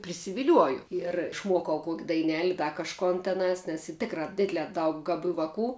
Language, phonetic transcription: Lithuanian, prisiviˈliuoju ier išˈmuokau ˈkuok' daiˈneli ˈda kažˈkon teˈnās nes y ˈtikra ˈdidlē ˈdaug gaˈbių vaˈkų

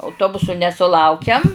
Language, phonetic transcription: Lithuanian, auˈtobusu nesuˈlaukiam

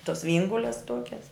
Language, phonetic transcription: Lithuanian, tos ˈviengules ˈtokias

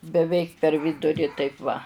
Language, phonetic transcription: Lithuanian, beˈveik per ˈviduri ˈtaip va

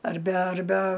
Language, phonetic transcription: Lithuanian, arˈbe arˈbe

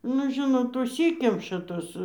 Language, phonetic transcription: Lithuanian, nu ˈžinot užˈsykemša ˈtos

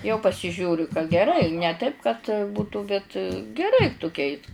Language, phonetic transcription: Lithuanian, jau pasiˈžiūriu ka geˈrai ne ˈtaip kad ˈbūtu bet geˈrai tuˈkeis

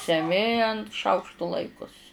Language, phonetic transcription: Lithuanian, seˈmi ant ˈšaukštu ˈlaikus

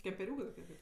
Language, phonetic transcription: Lithuanian, kempeˈriūkɜ toˈkie ˈgal'

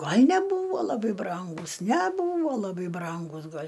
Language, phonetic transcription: Lithuanian, ˈgal' neˈbūvo laˈbai ˈbrangūs neˈbūva laˈbai ˈbrangūs ˈgal'

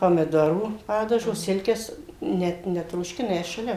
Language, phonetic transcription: Lithuanian, pamiˈdorų ˈpadažo ˈsilkes ˈnet netrošˈkina ˈjas šaˈlia

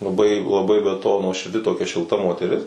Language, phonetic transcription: Lithuanian, laˈbai laˈbai be to nuoširˈdi toˈkia šilˈta moteˈris

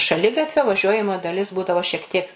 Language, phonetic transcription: Lithuanian, šaˈligatvio vaˈžiuojamoji daˈlis ˈbūdavo šiek ˈtiek

